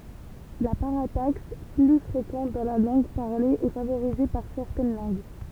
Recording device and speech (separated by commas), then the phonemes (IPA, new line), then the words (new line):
temple vibration pickup, read sentence
la paʁataks ply fʁekɑ̃t dɑ̃ la lɑ̃ɡ paʁle ɛ favoʁize paʁ sɛʁtɛn lɑ̃ɡ
La parataxe, plus fréquente dans la langue parlée, est favorisée par certaines langues.